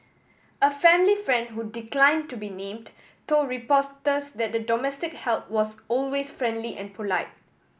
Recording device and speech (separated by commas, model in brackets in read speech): boundary microphone (BM630), read sentence